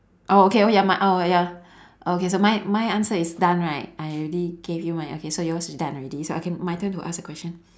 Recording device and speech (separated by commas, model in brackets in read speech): standing microphone, conversation in separate rooms